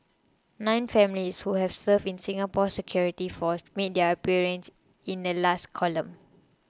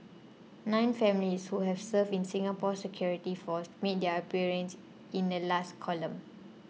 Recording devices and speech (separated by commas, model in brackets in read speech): close-talking microphone (WH20), mobile phone (iPhone 6), read sentence